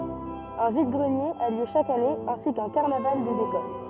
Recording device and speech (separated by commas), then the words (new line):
rigid in-ear microphone, read sentence
Un vide-greniers a lieu chaque année ainsi qu'un carnaval des écoles.